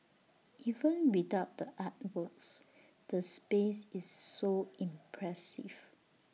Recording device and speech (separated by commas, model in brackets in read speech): mobile phone (iPhone 6), read sentence